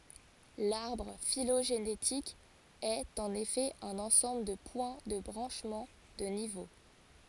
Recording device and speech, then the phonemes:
forehead accelerometer, read sentence
laʁbʁ filoʒenetik ɛt ɑ̃n efɛ œ̃n ɑ̃sɑ̃bl də pwɛ̃ də bʁɑ̃ʃmɑ̃ də nivo

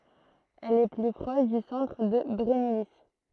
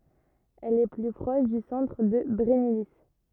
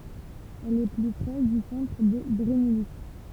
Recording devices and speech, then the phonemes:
throat microphone, rigid in-ear microphone, temple vibration pickup, read sentence
ɛl ɛ ply pʁɔʃ dy sɑ̃tʁ də bʁɛnili

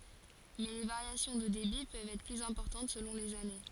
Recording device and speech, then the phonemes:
forehead accelerometer, read sentence
mɛ le vaʁjasjɔ̃ də debi pøvt ɛtʁ plyz ɛ̃pɔʁtɑ̃t səlɔ̃ lez ane

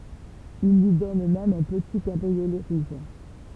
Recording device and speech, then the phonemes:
temple vibration pickup, read sentence
il lyi dɔn mɛm œ̃ pəti kabʁiolɛ ʁuʒ

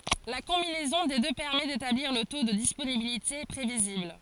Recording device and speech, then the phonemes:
forehead accelerometer, read sentence
la kɔ̃binɛzɔ̃ de dø pɛʁmɛ detabliʁ lə to də disponibilite pʁevizibl

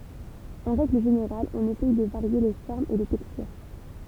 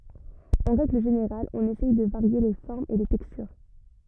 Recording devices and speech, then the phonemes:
temple vibration pickup, rigid in-ear microphone, read sentence
ɑ̃ ʁɛɡl ʒeneʁal ɔ̃n esɛj də vaʁje le fɔʁmz e le tɛkstyʁ

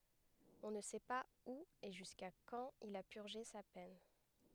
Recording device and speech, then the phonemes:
headset microphone, read sentence
ɔ̃ nə sɛ paz u e ʒyska kɑ̃t il a pyʁʒe sa pɛn

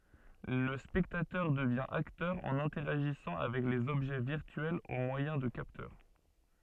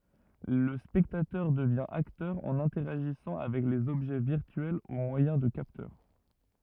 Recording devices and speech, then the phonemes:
soft in-ear microphone, rigid in-ear microphone, read sentence
lə spɛktatœʁ dəvjɛ̃ aktœʁ ɑ̃n ɛ̃tɛʁaʒisɑ̃ avɛk lez ɔbʒɛ viʁtyɛlz o mwajɛ̃ də kaptœʁ

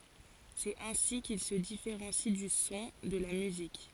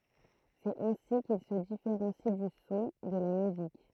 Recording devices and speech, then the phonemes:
forehead accelerometer, throat microphone, read sentence
sɛt ɛ̃si kil sə difeʁɑ̃si dy sɔ̃ də la myzik

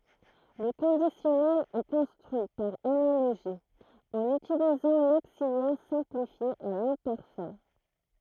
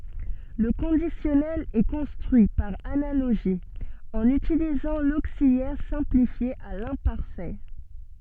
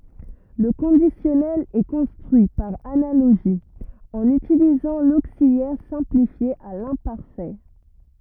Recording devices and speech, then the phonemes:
throat microphone, soft in-ear microphone, rigid in-ear microphone, read sentence
lə kɔ̃disjɔnɛl ɛ kɔ̃stʁyi paʁ analoʒi ɑ̃n ytilizɑ̃ loksiljɛʁ sɛ̃plifje a lɛ̃paʁfɛ

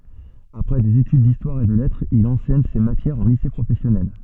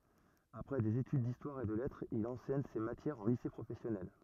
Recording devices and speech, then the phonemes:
soft in-ear microphone, rigid in-ear microphone, read sentence
apʁɛ dez etyd distwaʁ e də lɛtʁz il ɑ̃sɛɲ se matjɛʁz ɑ̃ lise pʁofɛsjɔnɛl

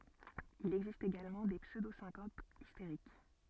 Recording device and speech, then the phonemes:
soft in-ear microphone, read sentence
il ɛɡzist eɡalmɑ̃ de psødosɛ̃kopz isteʁik

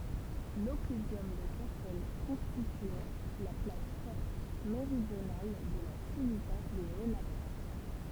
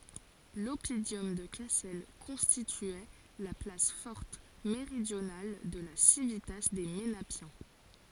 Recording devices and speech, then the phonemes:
temple vibration pickup, forehead accelerometer, read sentence
lɔpidɔm də kasɛl kɔ̃stityɛ la plas fɔʁt meʁidjonal də la sivita de menapjɛ̃

